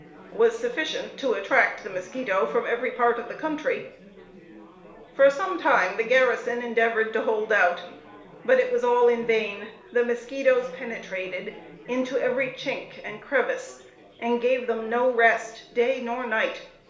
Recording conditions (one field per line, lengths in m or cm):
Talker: one person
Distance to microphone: 1.0 m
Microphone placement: close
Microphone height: 1.1 m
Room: small (3.7 m by 2.7 m)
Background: babble